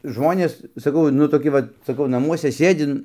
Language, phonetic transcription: Lithuanian, ˈžmonės saˈkau nu toˈki vat saˈkau naˈmuose ˈsėdi

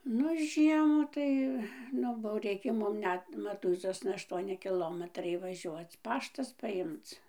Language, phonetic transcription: Lithuanian, ˈnu ˈžiemu tai ˈnu bou ˈreikė ˈmum ˈnet maˈtūizosna ašˈtuoni kiˈlometrai vaˈžiuoc ˈpaštas paˈjimc

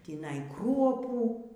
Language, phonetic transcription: Lithuanian, tįˈnai ˈkruopų

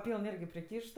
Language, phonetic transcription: Lithuanian, ˈpyln ˈirgi priˈkyšt

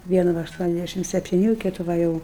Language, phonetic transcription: Lithuanian, ˈvienu ˈva ašˈtuoniasˌdæšim septiˈnių ˈkitu ˈva jau

